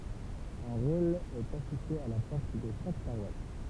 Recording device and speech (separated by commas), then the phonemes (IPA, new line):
temple vibration pickup, read sentence
œ̃ ʁol ɛt afiʃe a la pɔʁt də ʃak paʁwas